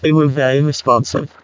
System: VC, vocoder